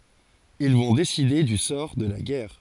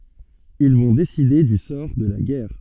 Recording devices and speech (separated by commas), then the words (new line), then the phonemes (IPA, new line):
forehead accelerometer, soft in-ear microphone, read sentence
Ils vont décider du sort de la guerre.
il vɔ̃ deside dy sɔʁ də la ɡɛʁ